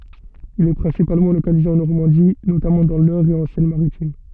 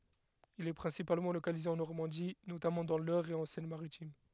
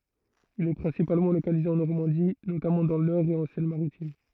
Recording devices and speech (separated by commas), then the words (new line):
soft in-ear microphone, headset microphone, throat microphone, read sentence
Il est principalement localisé en Normandie, notamment dans l'Eure et en Seine-Maritime.